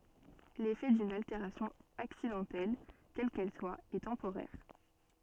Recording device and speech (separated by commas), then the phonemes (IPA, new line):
soft in-ear microphone, read sentence
lefɛ dyn alteʁasjɔ̃ aksidɑ̃tɛl kɛl kɛl swa ɛ tɑ̃poʁɛʁ